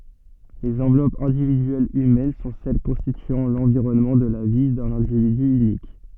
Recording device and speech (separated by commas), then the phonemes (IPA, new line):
soft in-ear microphone, read sentence
lez ɑ̃vlɔpz ɛ̃dividyɛlz ymɛn sɔ̃ sɛl kɔ̃stityɑ̃ lɑ̃viʁɔnmɑ̃ də la vi dœ̃n ɛ̃dividy ynik